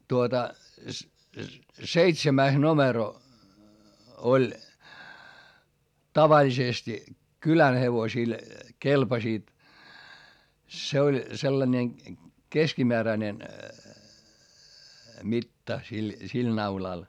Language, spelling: Finnish, tuota seitsemäs numero oli tavallisesti kylän hevosilla kelpasivat se oli sellainen keskimääräinen mitta sillä sillä naulalla
- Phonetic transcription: tuota , seitsemäis nomero , oĺ , tavaĺisesti , kylän hevosil , kelpasiit , se oĺ sellańe , keskimeäräⁱnen , mitta sil , sil naulal .

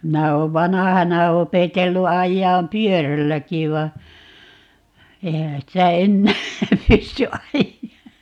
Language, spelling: Finnish, minä olen vanhana opetellut ajamaan pyörälläkin vaan eihän sitä enää pysty ajaa
- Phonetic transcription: 'minä 'oov "vanahana 'opetellu 'ajjaam "pyörälläki va , 'eihä 'sitä "ennää , "pysty 'ajjaa .

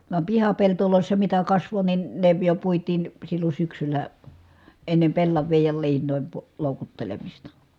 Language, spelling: Finnish, vaan pihapelloissa mitä kasvoi niin ne jo puitiin silloin syksyllä ennen pellavia ja liinojen - loukuttelemista
- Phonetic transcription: vam pihapeltolòissa mitä kasvo nin , ne jo puit̀iin , sillon̬ syksyl̀ä , ennem pellav̆viij ja liiǹòim pu- , lòukuttelemista .

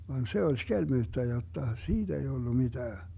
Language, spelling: Finnish, vaan se oli skelmyyttä jotta siitä ei tullut mitään
- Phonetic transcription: van "se oĺ 'skelmyyttä 'jotta , "siiD ‿ei 'Dullu 'miDää .

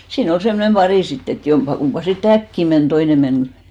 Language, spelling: Finnish, siinä oli semmoinen pari sitten että jompikumpi sitten äkkiä meni toinen meni
- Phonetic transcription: 'sii'§n ‿ol semnem 'ʙarì "sitt ‿et 'jompa'kumpa sit"t ‿äkki men , 'ᴅoine men ,.

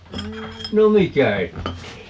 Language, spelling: Finnish, no mikä että ei
- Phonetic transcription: 'no "mikä 'ettei .

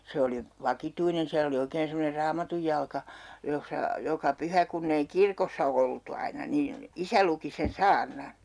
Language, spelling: Finnish, se oli vakituinen siellä oli oikein semmoinen raamatunjalka jossa joka pyhä kun ei kirkossa oltu aina niin isä luki sen saarnan
- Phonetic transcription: 'se oli , "vakituinen siäl ‿oli 'oikeen semmoner 'raamatujjalka , jossa , 'joka 'pyhä kunn ‿ei "kirkossa 'oltu 'aina niin̬ , 'isä luki sen "saarnan̬ .

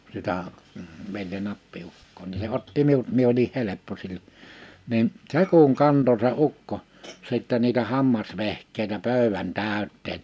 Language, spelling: Finnish, sitä veljen appiukkoa niin se otti minut minä olin helppo silloin niin se kun kantoi se ukko sitten niitä hammasvehkeitä pöydän täyteen
- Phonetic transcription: sitä , velje'n ‿appi₍ukkoo ni se 'otti 'miut mie oli 'heleppo sil͕l͕o , nin , "se kuŋ "kanto se 'ukko , sittɛ niitä 'hammasvehk̆keitä 'pö̀ywän 'tä̀yt̆teen .

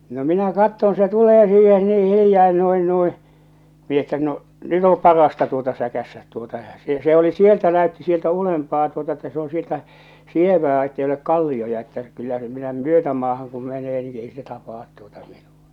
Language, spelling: Finnish, no minä katson se tulee siihen niin hiljaa noin noin minä että no nyt on parasta tuota säkäistä tuota ja se se oli sieltä näytti sieltä ylempää tuota että se on sieltä sievää että ei ole kallioita että kyllä se minä myötämaahan kun menee niin ei se tapaa tuota minua
- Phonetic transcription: no 'minä 'katton se 'tulee siihe nii 'hilⁱjaa 'no̭in 'nui , mi ‿että no , 'nyt ‿o "parasta tuota "säkässät tuota ᴊᴀ , se se oli "sieltä näötti 'sieltä 'ulempaa tuota että se oo̰ 'sieltä , "sievää ettei olek "kallioja että , kyllä se minä "myötämaahaŋ kum 'menee ni ei se 'tapaat tuota minᴜ₍ᴀ .

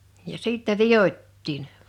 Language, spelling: Finnish, ja sitten vidottiin
- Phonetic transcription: ja 'sìttɛ "viʲot́tiin .

